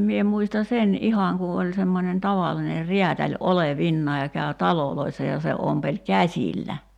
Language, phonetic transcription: Finnish, 'mie 'muista 'sen "’ihaŋ ku oĺ semmonen "tavalline "riätäĺ 'ole"vinnaaj käö "taloloissa ja se 'ompeĺ "käśillä .
- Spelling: minä muistan sen ihan kun oli semmoinen tavallinen räätäli olevinaan kävi taloissa ja se ompeli käsillä

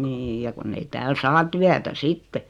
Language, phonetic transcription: Finnish, niij ja 'kunn ‿ei tääl 'saa "tyätä 'sitte .
- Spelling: niin ja kun ei täällä saa työtä sitten

